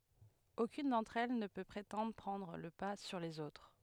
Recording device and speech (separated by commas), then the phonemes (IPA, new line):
headset microphone, read sentence
okyn dɑ̃tʁ ɛl nə pø pʁetɑ̃dʁ pʁɑ̃dʁ lə pa syʁ lez otʁ